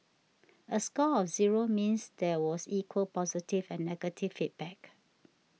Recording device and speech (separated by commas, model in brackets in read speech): mobile phone (iPhone 6), read sentence